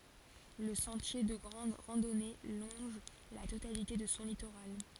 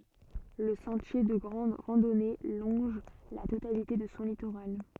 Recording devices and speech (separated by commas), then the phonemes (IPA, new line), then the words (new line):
forehead accelerometer, soft in-ear microphone, read sentence
lə sɑ̃tje də ɡʁɑ̃d ʁɑ̃dɔne lɔ̃ʒ la totalite də sɔ̃ litoʁal
Le sentier de grande randonnée longe la totalité de son littoral.